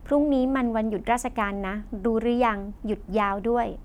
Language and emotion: Thai, neutral